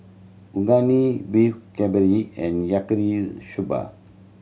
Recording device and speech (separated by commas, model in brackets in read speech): mobile phone (Samsung C7100), read sentence